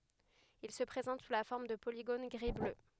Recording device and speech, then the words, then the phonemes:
headset microphone, read sentence
Il se présente sous la forme de polygones gris-bleu.
il sə pʁezɑ̃t su la fɔʁm də poliɡon ɡʁi blø

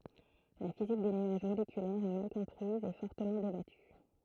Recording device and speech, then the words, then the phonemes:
throat microphone, read sentence
La physique des nuages moléculaires est mal comprise et fortement débattue.
la fizik de nyaʒ molekylɛʁz ɛ mal kɔ̃pʁiz e fɔʁtəmɑ̃ debaty

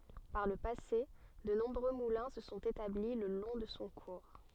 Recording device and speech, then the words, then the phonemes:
soft in-ear microphone, read sentence
Par le passé, de nombreux moulins se sont établis le long de son cours.
paʁ lə pase də nɔ̃bʁø mulɛ̃ sə sɔ̃t etabli lə lɔ̃ də sɔ̃ kuʁ

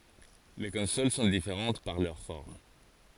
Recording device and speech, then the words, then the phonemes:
forehead accelerometer, read sentence
Les consoles sont différentes par leur forme.
le kɔ̃sol sɔ̃ difeʁɑ̃t paʁ lœʁ fɔʁm

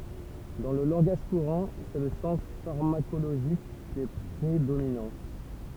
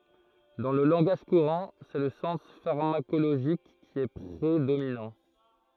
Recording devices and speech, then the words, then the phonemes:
temple vibration pickup, throat microphone, read sentence
Dans le langage courant, c'est le sens pharmacologique qui est prédominant.
dɑ̃ lə lɑ̃ɡaʒ kuʁɑ̃ sɛ lə sɑ̃s faʁmakoloʒik ki ɛ pʁedominɑ̃

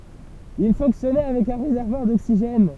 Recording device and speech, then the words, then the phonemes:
temple vibration pickup, read sentence
Il fonctionnait avec un réservoir d'oxygène.
il fɔ̃ksjɔnɛ avɛk œ̃ ʁezɛʁvwaʁ doksiʒɛn

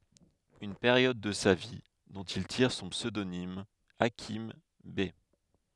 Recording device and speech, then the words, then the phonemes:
headset microphone, read sentence
Une période de sa vie dont il tire son pseudonyme Hakim Bey.
yn peʁjɔd də sa vi dɔ̃t il tiʁ sɔ̃ psødonim akim bɛ

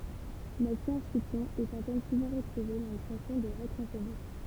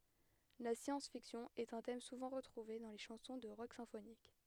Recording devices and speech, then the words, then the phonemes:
temple vibration pickup, headset microphone, read sentence
La science-fiction est un thème souvent retrouvé dans les chansons de rock symphonique.
la sjɑ̃s fiksjɔ̃ ɛt œ̃ tɛm suvɑ̃ ʁətʁuve dɑ̃ le ʃɑ̃sɔ̃ də ʁɔk sɛ̃fonik

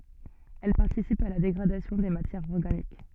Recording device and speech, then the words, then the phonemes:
soft in-ear microphone, read sentence
Elles participent à la dégradation des matières organiques.
ɛl paʁtisipt a la deɡʁadasjɔ̃ de matjɛʁz ɔʁɡanik

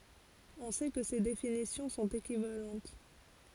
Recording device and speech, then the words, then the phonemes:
forehead accelerometer, read sentence
On sait que ces définitions sont équivalentes.
ɔ̃ sɛ kə se definisjɔ̃ sɔ̃t ekivalɑ̃t

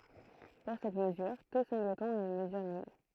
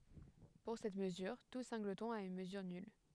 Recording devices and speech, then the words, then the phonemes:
throat microphone, headset microphone, read sentence
Pour cette mesure, tout singleton a une mesure nulle.
puʁ sɛt məzyʁ tu sɛ̃ɡlətɔ̃ a yn məzyʁ nyl

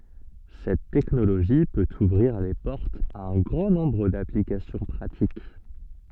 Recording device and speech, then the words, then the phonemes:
soft in-ear microphone, read sentence
Cette technologie peut ouvrir les portes à un grand nombre d’applications pratiques.
sɛt tɛknoloʒi pøt uvʁiʁ le pɔʁtz a œ̃ ɡʁɑ̃ nɔ̃bʁ daplikasjɔ̃ pʁatik

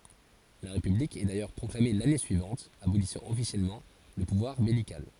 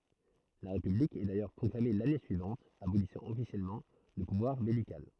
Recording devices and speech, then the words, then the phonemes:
forehead accelerometer, throat microphone, read sentence
La république est d'ailleurs proclamée l'année suivante, abolissant officiellement le pouvoir beylical.
la ʁepyblik ɛ dajœʁ pʁɔklame lane syivɑ̃t abolisɑ̃ ɔfisjɛlmɑ̃ lə puvwaʁ bɛlikal

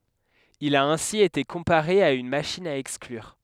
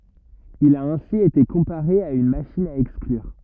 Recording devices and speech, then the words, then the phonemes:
headset microphone, rigid in-ear microphone, read sentence
Il a ainsi été comparé à une machine à exclure.
il a ɛ̃si ete kɔ̃paʁe a yn maʃin a ɛksklyʁ

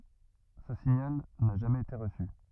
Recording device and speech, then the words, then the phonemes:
rigid in-ear microphone, read sentence
Ce signal n'a jamais été reçu.
sə siɲal na ʒamɛz ete ʁəsy

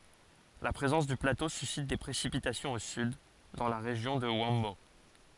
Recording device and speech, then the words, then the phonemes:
forehead accelerometer, read sentence
La présence du plateau suscite des précipitations au sud, dans la région de Huambo.
la pʁezɑ̃s dy plato sysit de pʁesipitasjɔ̃z o syd dɑ̃ la ʁeʒjɔ̃ də yɑ̃bo

